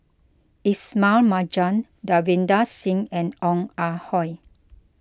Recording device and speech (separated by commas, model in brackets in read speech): close-talking microphone (WH20), read sentence